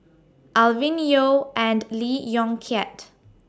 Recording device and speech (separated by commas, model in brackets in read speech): standing microphone (AKG C214), read sentence